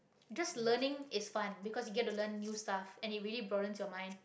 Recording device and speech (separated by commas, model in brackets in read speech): boundary microphone, conversation in the same room